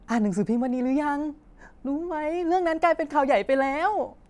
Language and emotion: Thai, happy